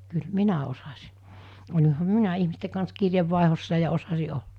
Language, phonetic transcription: Finnish, kyl 'minä osasɪ , oĺiham "minä 'ihmiste kans 'kirje̳vvàehossa ja osasi 'ol(la) .
- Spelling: kyllä minä osasin olihan minä ihmisten kanssa kirjeenvaihdossa ja osasin olla

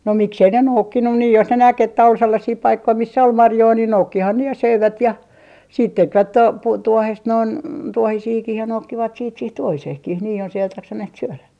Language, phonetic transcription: Finnish, no 'miksei ne noukkinnu nii jos ne 'näk että ol 'sellasii 'paikkoi 'missä ol "marjoi niin 'noukkihan ne ja "söivät ja , siit 'tekvät 'to - 'puu - 'tuohest noin , 'tuohisiikih ja 'noukkivat siit siih tuohiseehkih nii jos ‿eivät 'jaksaneht 'syölä .
- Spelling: no miksi ei ne noukkinut niin jos ne näki että oli sellaisia paikkoja missä oli marjoja niin noukkihan ne ja söivät ja sitten tekivät - - tuohesta noin tuohisiakin ja noukkivat sitten siihen tuohiseenkin niin jos eivät jaksaneet syödä

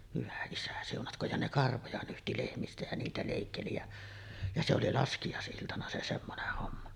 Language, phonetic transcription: Finnish, hyvä isä siunatk̀ooj ja 'ne "karvoja nyhti 'lehmistä jä niitä lèikkeli jä , ja 'se oli "laskijàes’iltana se 'semmoneh homma .
- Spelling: hyvä isä siunatkoon ja ne karvoja nyhti lehmistä ja niitä leikkeli ja ja se oli laskiaisiltana se semmoinen homma

